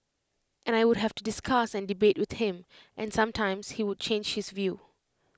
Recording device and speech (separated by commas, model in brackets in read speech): close-talking microphone (WH20), read sentence